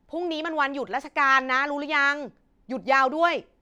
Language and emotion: Thai, neutral